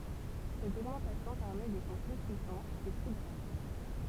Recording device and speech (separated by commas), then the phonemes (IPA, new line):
temple vibration pickup, read sentence
sɛt oɡmɑ̃tasjɔ̃ pɛʁmɛ de sɔ̃ ply pyisɑ̃z e ply ɡʁav